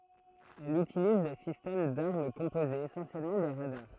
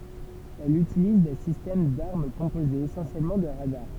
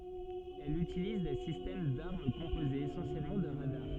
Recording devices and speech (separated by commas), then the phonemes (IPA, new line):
throat microphone, temple vibration pickup, soft in-ear microphone, read sentence
ɛl ytiliz de sistɛm daʁm kɔ̃pozez esɑ̃sjɛlmɑ̃ də ʁadaʁ